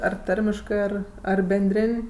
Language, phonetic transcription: Lithuanian, ˈar ˈtarmiškɜ ˈar ar benˈdrėn'

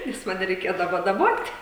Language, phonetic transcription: Lithuanian, nes ˈmane reiˈkėdavo daˈbot'

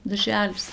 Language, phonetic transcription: Lithuanian, darˈželis

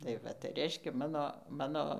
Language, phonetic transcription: Lithuanian, tai ˈva tai ˈreiškia ˈmano ˈmano

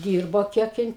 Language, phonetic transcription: Lithuanian, ˈdyrbo ˈkiek ˈjin

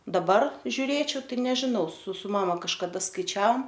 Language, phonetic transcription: Lithuanian, daˈbar žiuˈrėčiau ˈtai nežiˈnau su su ˈmama kažkaˈda skaiˈčiaom

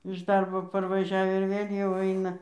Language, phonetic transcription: Lithuanian, iš ˈdarbo parvaˈžiav ir ˈvėl' jau ˈaina

